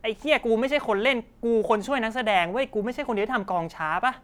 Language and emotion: Thai, angry